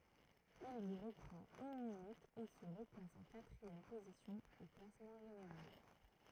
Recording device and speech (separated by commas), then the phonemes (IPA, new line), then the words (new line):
throat microphone, read sentence
il lyi ʁəpʁɑ̃t yn minyt e sə ʁəplas ɑ̃ katʁiɛm pozisjɔ̃ o klasmɑ̃ ʒeneʁal
Il lui reprend une minute et se replace en quatrième position au classement général.